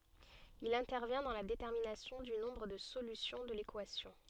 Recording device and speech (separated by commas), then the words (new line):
soft in-ear microphone, read sentence
Il intervient dans la détermination du nombre de solutions de l'équation.